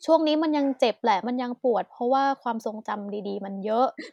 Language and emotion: Thai, frustrated